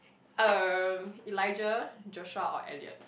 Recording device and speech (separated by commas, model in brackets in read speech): boundary microphone, conversation in the same room